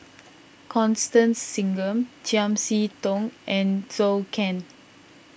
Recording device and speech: boundary microphone (BM630), read sentence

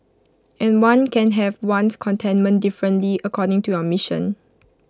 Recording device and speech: close-talking microphone (WH20), read sentence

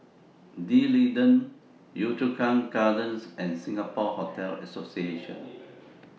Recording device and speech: mobile phone (iPhone 6), read sentence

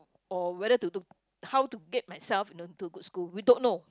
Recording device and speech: close-talking microphone, conversation in the same room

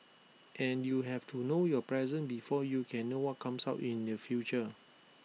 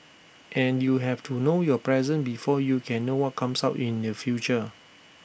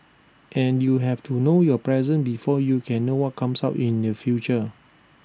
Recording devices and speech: mobile phone (iPhone 6), boundary microphone (BM630), standing microphone (AKG C214), read sentence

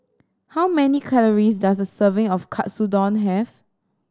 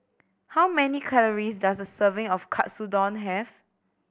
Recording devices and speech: standing microphone (AKG C214), boundary microphone (BM630), read sentence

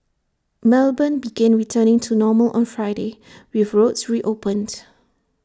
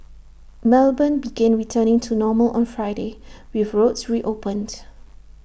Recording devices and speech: standing microphone (AKG C214), boundary microphone (BM630), read sentence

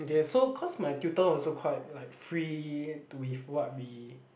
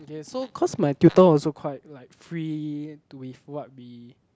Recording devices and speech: boundary microphone, close-talking microphone, conversation in the same room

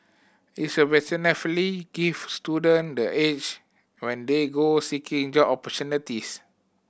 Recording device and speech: boundary microphone (BM630), read sentence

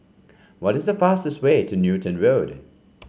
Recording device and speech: mobile phone (Samsung C5), read sentence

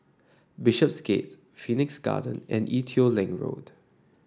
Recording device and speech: standing microphone (AKG C214), read sentence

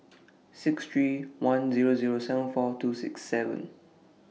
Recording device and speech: mobile phone (iPhone 6), read sentence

